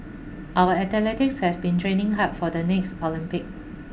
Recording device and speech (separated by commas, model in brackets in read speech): boundary microphone (BM630), read sentence